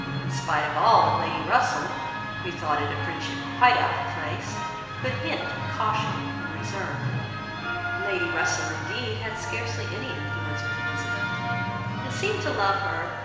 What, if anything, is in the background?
A television.